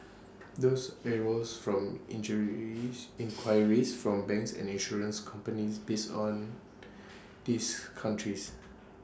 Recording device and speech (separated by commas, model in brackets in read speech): standing microphone (AKG C214), read sentence